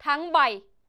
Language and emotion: Thai, angry